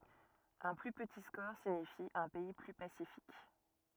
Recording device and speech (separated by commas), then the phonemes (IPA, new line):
rigid in-ear microphone, read sentence
œ̃ ply pəti skɔʁ siɲifi œ̃ pɛi ply pasifik